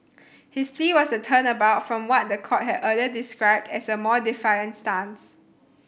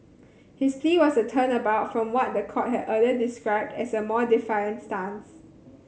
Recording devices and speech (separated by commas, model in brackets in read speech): boundary microphone (BM630), mobile phone (Samsung C7100), read sentence